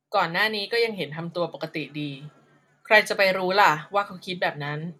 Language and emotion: Thai, frustrated